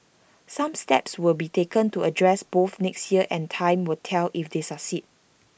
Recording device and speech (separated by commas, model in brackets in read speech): boundary microphone (BM630), read sentence